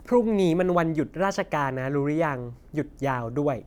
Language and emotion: Thai, neutral